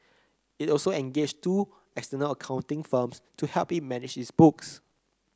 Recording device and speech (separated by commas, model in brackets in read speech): close-talking microphone (WH30), read sentence